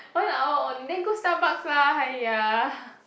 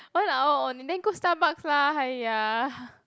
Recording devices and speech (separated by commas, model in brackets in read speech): boundary microphone, close-talking microphone, conversation in the same room